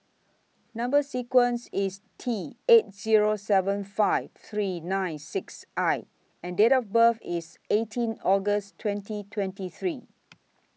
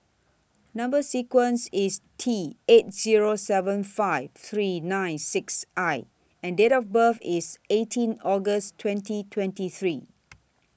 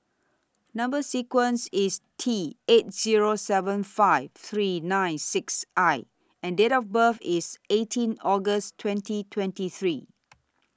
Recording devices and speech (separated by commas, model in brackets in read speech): mobile phone (iPhone 6), boundary microphone (BM630), standing microphone (AKG C214), read sentence